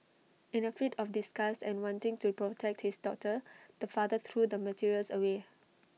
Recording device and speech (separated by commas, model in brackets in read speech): mobile phone (iPhone 6), read sentence